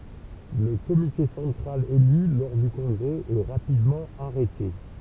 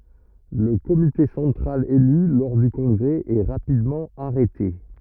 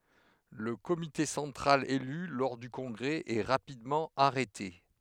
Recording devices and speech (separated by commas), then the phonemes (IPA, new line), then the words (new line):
temple vibration pickup, rigid in-ear microphone, headset microphone, read sentence
lə komite sɑ̃tʁal ely lɔʁ dy kɔ̃ɡʁɛ ɛ ʁapidmɑ̃ aʁɛte
Le comité central élu lors du congrès est rapidement arrêté.